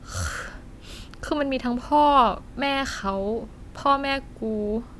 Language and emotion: Thai, frustrated